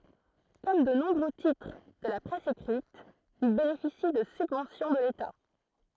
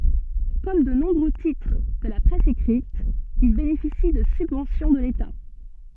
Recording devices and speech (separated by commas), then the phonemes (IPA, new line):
throat microphone, soft in-ear microphone, read sentence
kɔm də nɔ̃bʁø titʁ də la pʁɛs ekʁit il benefisi də sybvɑ̃sjɔ̃ də leta